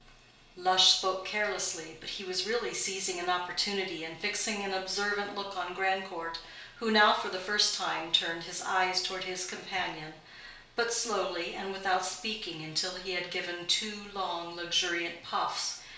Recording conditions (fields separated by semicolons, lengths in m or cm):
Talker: one person; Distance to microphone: 1.0 m; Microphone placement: close; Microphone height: 1.1 m; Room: small (3.7 m by 2.7 m); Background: none